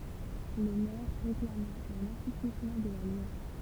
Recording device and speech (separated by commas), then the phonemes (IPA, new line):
temple vibration pickup, read sentence
lə mɛʁ ʁeklama œ̃n asuplismɑ̃ də la lwa